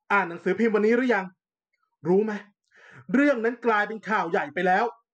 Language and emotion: Thai, angry